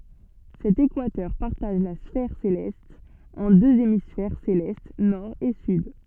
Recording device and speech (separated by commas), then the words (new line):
soft in-ear microphone, read sentence
Cet équateur partage la sphère céleste en deux hémisphères célestes nord et sud.